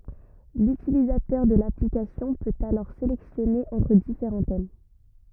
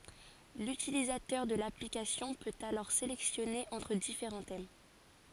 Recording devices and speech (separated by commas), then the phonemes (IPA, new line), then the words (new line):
rigid in-ear microphone, forehead accelerometer, read sentence
lytilizatœʁ də laplikasjɔ̃ pøt alɔʁ selɛksjɔne ɑ̃tʁ difeʁɑ̃ tɛm
L'utilisateur de l'application peut alors sélectionner entre différents thèmes.